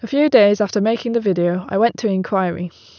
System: none